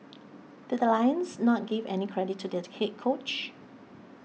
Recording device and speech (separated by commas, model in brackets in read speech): mobile phone (iPhone 6), read sentence